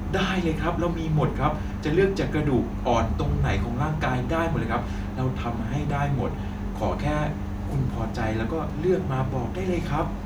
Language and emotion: Thai, happy